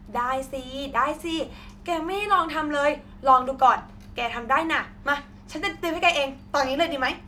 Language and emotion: Thai, happy